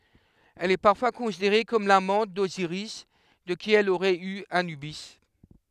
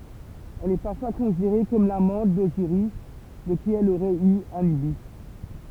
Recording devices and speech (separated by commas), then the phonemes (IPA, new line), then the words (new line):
headset microphone, temple vibration pickup, read sentence
ɛl ɛ paʁfwa kɔ̃sideʁe kɔm lamɑ̃t doziʁis də ki ɛl oʁɛt y anybi
Elle est parfois considérée comme l'amante d'Osiris de qui elle aurait eu Anubis.